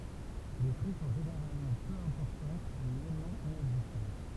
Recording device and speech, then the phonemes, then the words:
temple vibration pickup, read sentence
le kʁy sɔ̃ ʒeneʁalmɑ̃ pø ɛ̃pɔʁtɑ̃t mɛ nylmɑ̃ inɛɡzistɑ̃t
Les crues sont généralement peu importantes mais nullement inexistantes.

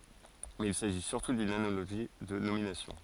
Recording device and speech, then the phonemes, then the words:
forehead accelerometer, read sentence
mɛz il saʒi syʁtu dyn analoʒi də nominasjɔ̃
Mais il s'agit surtout d'une analogie de nomination.

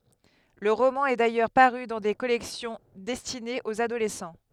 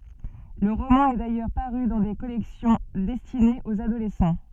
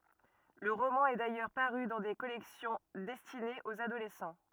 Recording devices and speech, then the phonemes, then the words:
headset microphone, soft in-ear microphone, rigid in-ear microphone, read sentence
lə ʁomɑ̃ ɛ dajœʁ paʁy dɑ̃ de kɔlɛksjɔ̃ dɛstinez oz adolɛsɑ̃
Le roman est d'ailleurs paru dans des collections destinées aux adolescents.

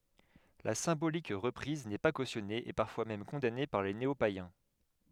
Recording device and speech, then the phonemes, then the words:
headset microphone, read sentence
la sɛ̃bolik ʁəpʁiz nɛ pa kosjɔne e paʁfwa mɛm kɔ̃dane paʁ de neopajɛ̃
La symbolique reprise n'est pas cautionnée et parfois même condamnée par des néopaïens.

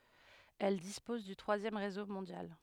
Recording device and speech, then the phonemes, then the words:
headset microphone, read sentence
ɛl dispɔz dy tʁwazjɛm ʁezo mɔ̃djal
Elle dispose du troisième réseau mondial.

